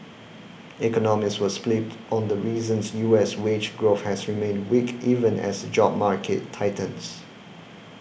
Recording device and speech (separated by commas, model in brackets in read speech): boundary microphone (BM630), read sentence